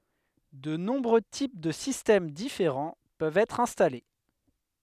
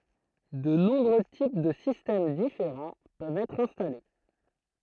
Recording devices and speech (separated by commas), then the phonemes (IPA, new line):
headset microphone, throat microphone, read sentence
də nɔ̃bʁø tip də sistɛm difeʁɑ̃ pøvt ɛtʁ ɛ̃stale